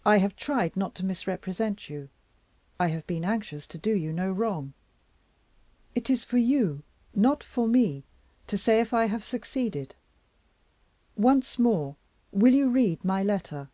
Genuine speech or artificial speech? genuine